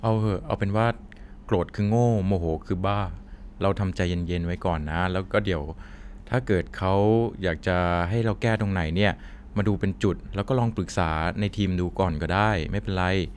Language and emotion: Thai, neutral